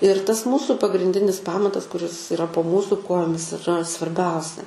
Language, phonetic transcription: Lithuanian, ir tas ˈmūsų pagrinˈdinis ˈpamatas kuˈris iˈra po ˈmūsų ˈkojomis iˈra svarˈbiausia

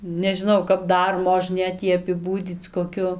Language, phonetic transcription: Lithuanian, nežiˈnau kap ˈdar moˈžnėt ˈjį apiˈbūdyc koˈkiu

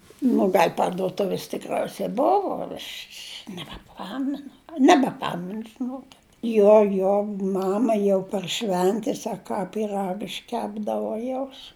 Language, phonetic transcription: Lithuanian, nu ˈgal' parduoˈtuvis tikˈrausa ˈbuvu aš' š' nebeˈpamenu nebeˈpamenu žiˈnuokit ˈjo jo ˈmama jau par ˈšventes a ˈką pyˈrag išˈkepdavu ˈjaus

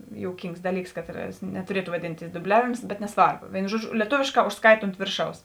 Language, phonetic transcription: Lithuanian, jouˈkyngs ˈdaˌlyks ˈkatˌras netuˈrietu vaˈdintis duˈbliavims bet neˈsvarbo ˈvėinu ˈžuoˌdžiu lieˈtovėšˌkā užsˈkait ont ˈvėrˌšaus

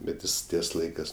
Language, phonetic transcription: Lithuanian, bet ˈjis ˈties ˈlaikɜs

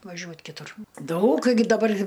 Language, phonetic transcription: Lithuanian, vaˈžiuot kiˈtur ˈdaug gi daˈbar'

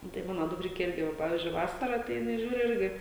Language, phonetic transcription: Lithuanian, ˈnu tai ˈmano dukˈrike ˈirgi ˈva ˈpavyzdžiui ˈvasara tai jiˈnai ˈžiūriu ˈirgi

